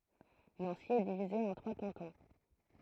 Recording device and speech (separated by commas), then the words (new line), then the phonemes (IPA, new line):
throat microphone, read sentence
Nancy est divisée en trois cantons.
nɑ̃si ɛ divize ɑ̃ tʁwa kɑ̃tɔ̃